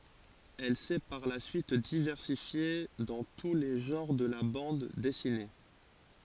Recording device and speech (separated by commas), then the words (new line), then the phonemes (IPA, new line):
forehead accelerometer, read sentence
Elle s'est par la suite diversifiée dans tous les genres de la bande dessinée.
ɛl sɛ paʁ la syit divɛʁsifje dɑ̃ tu le ʒɑ̃ʁ də la bɑ̃d dɛsine